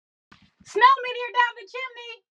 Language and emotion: English, surprised